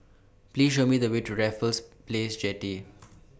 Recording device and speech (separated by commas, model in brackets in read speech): boundary microphone (BM630), read sentence